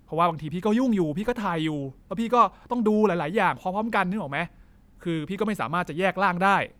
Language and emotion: Thai, frustrated